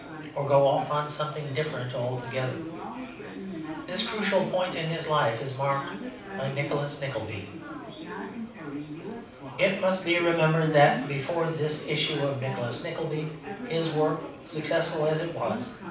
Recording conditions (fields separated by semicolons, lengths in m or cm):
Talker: one person; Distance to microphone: 5.8 m; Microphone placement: far; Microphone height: 1.8 m; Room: medium-sized (5.7 m by 4.0 m); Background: babble